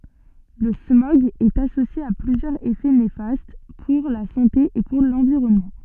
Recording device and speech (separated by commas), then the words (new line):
soft in-ear microphone, read sentence
Le smog est associé à plusieurs effets néfastes pour la santé et pour l'environnement.